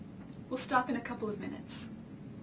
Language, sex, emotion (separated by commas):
English, female, neutral